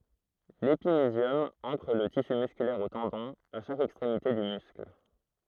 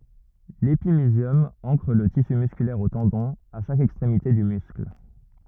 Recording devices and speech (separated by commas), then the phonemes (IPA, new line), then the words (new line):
throat microphone, rigid in-ear microphone, read sentence
lepimizjɔm ɑ̃kʁ lə tisy myskylɛʁ o tɑ̃dɔ̃z a ʃak ɛkstʁemite dy myskl
L'épimysium ancre le tissu musculaire aux tendons, à chaque extrémité du muscle.